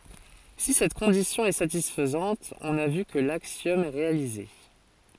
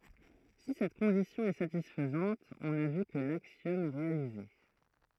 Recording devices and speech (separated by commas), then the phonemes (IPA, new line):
forehead accelerometer, throat microphone, read sentence
si sɛt kɔ̃disjɔ̃ ɛ satisfɛt ɔ̃n a vy kə laksjɔm ɛ ʁealize